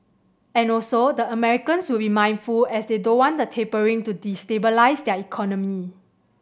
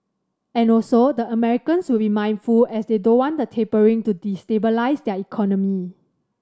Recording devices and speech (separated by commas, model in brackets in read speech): boundary microphone (BM630), standing microphone (AKG C214), read sentence